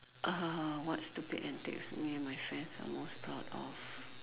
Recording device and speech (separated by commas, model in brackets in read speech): telephone, conversation in separate rooms